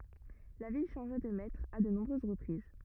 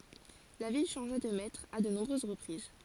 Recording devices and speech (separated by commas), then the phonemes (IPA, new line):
rigid in-ear microphone, forehead accelerometer, read sentence
la vil ʃɑ̃ʒa də mɛtʁz a də nɔ̃bʁøz ʁəpʁiz